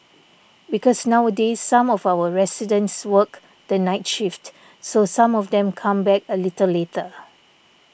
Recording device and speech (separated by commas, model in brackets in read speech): boundary microphone (BM630), read sentence